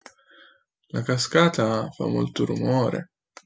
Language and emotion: Italian, sad